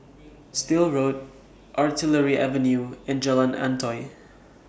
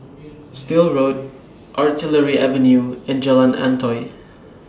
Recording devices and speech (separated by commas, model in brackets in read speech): boundary microphone (BM630), standing microphone (AKG C214), read sentence